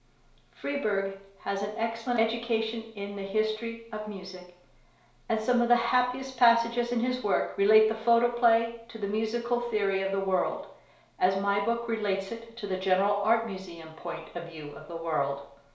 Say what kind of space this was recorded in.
A small space (about 3.7 m by 2.7 m).